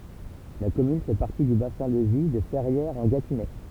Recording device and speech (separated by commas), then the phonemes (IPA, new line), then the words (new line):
temple vibration pickup, read sentence
la kɔmyn fɛ paʁti dy basɛ̃ də vi də fɛʁjɛʁzɑ̃ɡatinɛ
La commune fait partie du bassin de vie de Ferrières-en-Gâtinais.